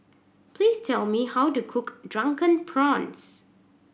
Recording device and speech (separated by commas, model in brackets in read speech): boundary microphone (BM630), read sentence